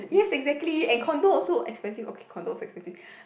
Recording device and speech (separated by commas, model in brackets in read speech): boundary microphone, conversation in the same room